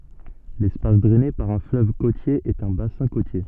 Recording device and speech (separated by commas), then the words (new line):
soft in-ear microphone, read sentence
L'espace drainé par un fleuve côtier est un bassin côtier.